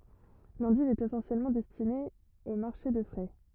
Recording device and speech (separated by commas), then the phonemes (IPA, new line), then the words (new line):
rigid in-ear microphone, read sentence
lɑ̃div ɛt esɑ̃sjɛlmɑ̃ dɛstine o maʁʃe də fʁɛ
L'endive est essentiellement destinée au marché de frais.